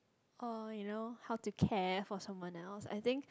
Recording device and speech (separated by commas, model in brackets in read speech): close-talking microphone, conversation in the same room